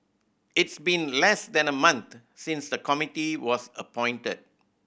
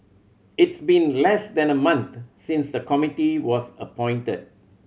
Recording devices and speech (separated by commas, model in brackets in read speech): boundary microphone (BM630), mobile phone (Samsung C7100), read sentence